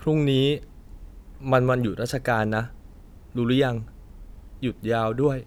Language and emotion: Thai, sad